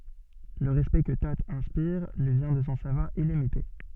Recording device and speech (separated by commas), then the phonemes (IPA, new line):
soft in-ear microphone, read sentence
lə ʁɛspɛkt kə to ɛ̃spiʁ lyi vjɛ̃ də sɔ̃ savwaʁ ilimite